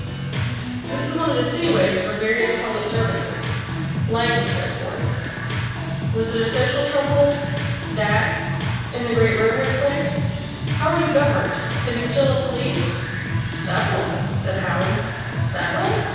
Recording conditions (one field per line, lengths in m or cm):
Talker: one person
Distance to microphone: 7.1 m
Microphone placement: far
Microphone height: 1.7 m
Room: very reverberant, large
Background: music